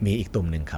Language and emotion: Thai, neutral